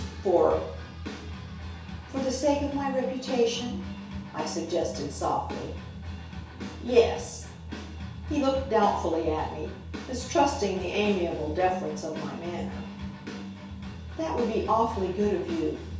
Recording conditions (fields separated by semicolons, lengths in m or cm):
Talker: one person; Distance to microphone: 3.0 m; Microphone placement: far; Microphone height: 1.8 m; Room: small (3.7 m by 2.7 m); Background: music